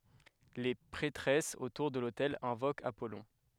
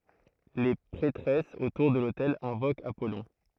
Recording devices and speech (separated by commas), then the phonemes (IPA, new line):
headset microphone, throat microphone, read sentence
le pʁɛtʁɛsz otuʁ də lotɛl ɛ̃vokt apɔlɔ̃